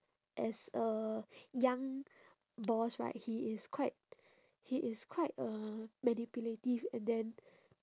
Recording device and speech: standing microphone, conversation in separate rooms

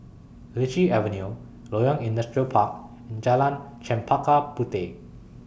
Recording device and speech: boundary microphone (BM630), read sentence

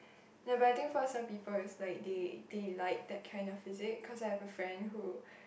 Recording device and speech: boundary microphone, conversation in the same room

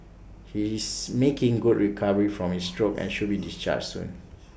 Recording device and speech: boundary microphone (BM630), read sentence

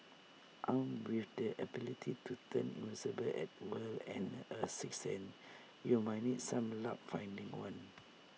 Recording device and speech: mobile phone (iPhone 6), read sentence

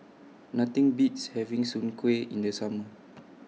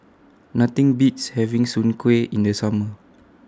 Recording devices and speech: mobile phone (iPhone 6), standing microphone (AKG C214), read sentence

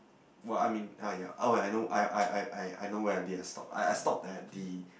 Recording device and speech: boundary microphone, conversation in the same room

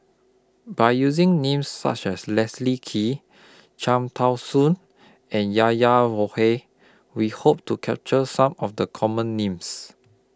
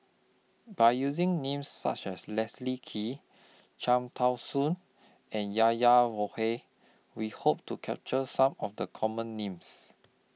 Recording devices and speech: close-talking microphone (WH20), mobile phone (iPhone 6), read sentence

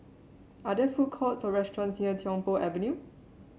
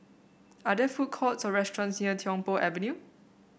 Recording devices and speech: mobile phone (Samsung C7), boundary microphone (BM630), read sentence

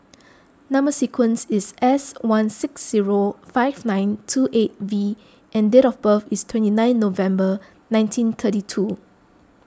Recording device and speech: close-talking microphone (WH20), read sentence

